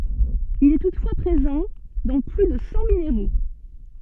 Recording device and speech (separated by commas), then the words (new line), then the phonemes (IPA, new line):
soft in-ear microphone, read sentence
Il est toutefois présent dans plus de cent minéraux.
il ɛ tutfwa pʁezɑ̃ dɑ̃ ply də sɑ̃ mineʁo